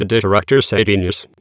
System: TTS, waveform concatenation